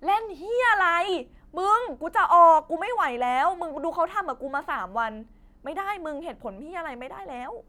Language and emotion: Thai, angry